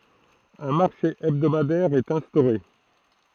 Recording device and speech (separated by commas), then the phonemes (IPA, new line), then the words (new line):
throat microphone, read sentence
œ̃ maʁʃe ɛbdomadɛʁ ɛt ɛ̃stoʁe
Un marché hebdomadaire est instauré.